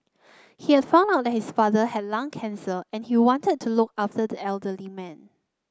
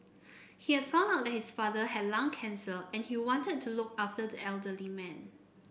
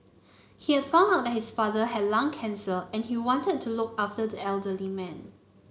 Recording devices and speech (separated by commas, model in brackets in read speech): close-talking microphone (WH30), boundary microphone (BM630), mobile phone (Samsung C9), read sentence